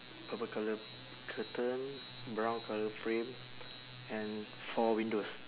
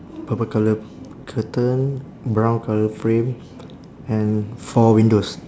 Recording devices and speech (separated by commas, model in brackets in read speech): telephone, standing microphone, conversation in separate rooms